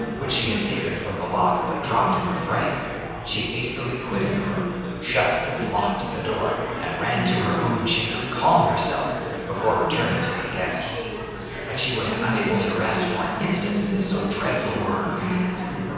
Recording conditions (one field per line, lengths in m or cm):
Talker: one person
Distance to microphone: 7.1 m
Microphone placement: far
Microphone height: 1.7 m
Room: very reverberant, large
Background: babble